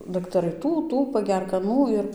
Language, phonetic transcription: Lithuanian, daktaˈrai ˈtų ˈtų paˈgerk aˈnų ir

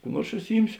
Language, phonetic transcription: Lithuanian, kų ˈnuors užsiˈjimsio

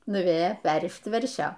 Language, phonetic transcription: Lithuanian, nuˈvėjo ˈperrišt ˈveršio

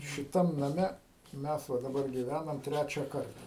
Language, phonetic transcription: Lithuanian, šiˈtam naˈme ˈmes va daˈbar gyˈvænam ˈtræčia ˈkarta

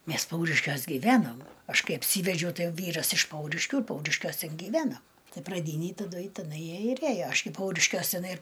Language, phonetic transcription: Lithuanian, ˈmes ˈpauriškiuos gyˈvenom ˈaš ˈkai apˈsyvedžiau ˈtai ˈvyras iš ˈpauriškių ir ˈpauriškiuos ˈten giˈvenam ˈtai praˈdynėj taˈdu i teˈnai ˈjie ir ˈėjo ˈaš gi ˈpauriškiuos tiˈnai ir

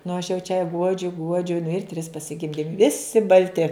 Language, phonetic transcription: Lithuanian, nu aš jau čia ˈguodžiu ˈguodžiu nu ir tris pasiˈgimdim ˈvisi balˈti

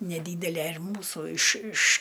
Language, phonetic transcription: Lithuanian, neˈdydele ir ˈmūsu iš iš

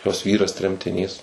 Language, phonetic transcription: Lithuanian, jos ˈvyras tremtiˈnys

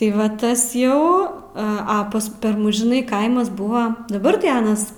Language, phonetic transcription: Lithuanian, tai ˈva ˈtas ˈjau ˈa ˈpas ˈper ˈmus žiˈnai ˈkaimas ˈbuva daˈbar tai ˈanas

